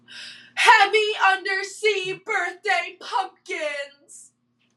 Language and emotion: English, sad